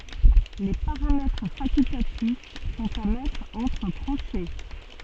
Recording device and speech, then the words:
soft in-ear microphone, read sentence
Les paramètres facultatifs sont à mettre entre crochets.

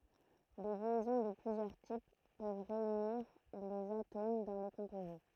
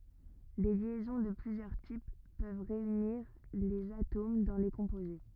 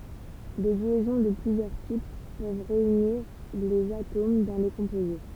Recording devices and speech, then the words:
throat microphone, rigid in-ear microphone, temple vibration pickup, read sentence
Des liaisons de plusieurs types peuvent réunir les atomes dans les composés.

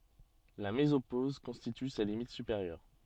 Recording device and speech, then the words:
soft in-ear microphone, read sentence
La mésopause constitue sa limite supérieure.

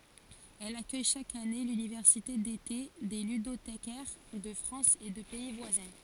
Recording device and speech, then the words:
forehead accelerometer, read sentence
Elle accueille chaque année l'université d'été des ludothécaires de France et de pays voisins.

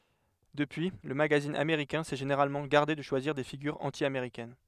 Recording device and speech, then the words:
headset microphone, read sentence
Depuis, le magazine américain s'est généralement gardé de choisir des figures anti-américaines.

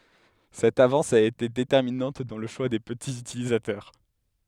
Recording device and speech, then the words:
headset microphone, read sentence
Cette avance a été déterminante dans le choix des petits utilisateurs.

